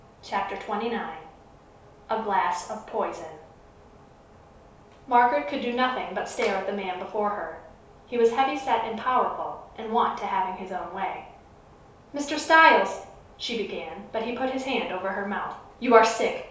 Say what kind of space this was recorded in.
A small room (about 3.7 m by 2.7 m).